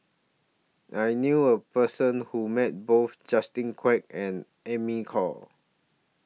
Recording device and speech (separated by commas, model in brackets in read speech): mobile phone (iPhone 6), read sentence